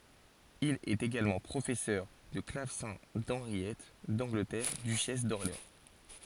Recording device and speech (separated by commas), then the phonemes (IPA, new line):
forehead accelerometer, read sentence
il ɛt eɡalmɑ̃ pʁofɛsœʁ də klavsɛ̃ dɑ̃ʁjɛt dɑ̃ɡlətɛʁ dyʃɛs dɔʁleɑ̃